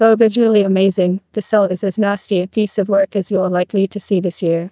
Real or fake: fake